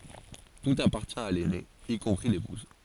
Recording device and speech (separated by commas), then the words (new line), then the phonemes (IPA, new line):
forehead accelerometer, read sentence
Tout appartient à l'aîné, y compris l'épouse.
tut apaʁtjɛ̃ a lɛne i kɔ̃pʁi lepuz